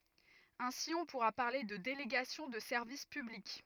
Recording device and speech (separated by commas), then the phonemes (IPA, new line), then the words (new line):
rigid in-ear microphone, read sentence
ɛ̃si ɔ̃ puʁa paʁle də deleɡasjɔ̃ də sɛʁvis pyblik
Ainsi, on pourra parler de délégation de service public.